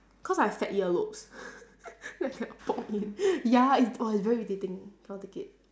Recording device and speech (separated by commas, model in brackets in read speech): standing microphone, conversation in separate rooms